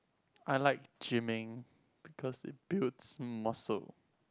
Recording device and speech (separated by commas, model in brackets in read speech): close-talking microphone, conversation in the same room